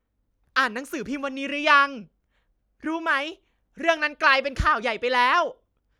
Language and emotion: Thai, happy